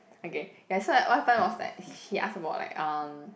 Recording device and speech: boundary microphone, conversation in the same room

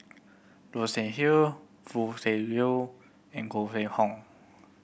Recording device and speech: boundary microphone (BM630), read sentence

